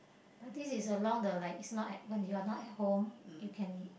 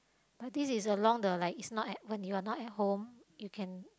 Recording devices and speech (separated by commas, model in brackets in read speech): boundary microphone, close-talking microphone, conversation in the same room